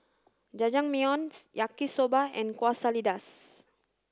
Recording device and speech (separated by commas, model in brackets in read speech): standing microphone (AKG C214), read sentence